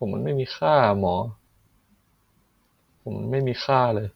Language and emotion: Thai, sad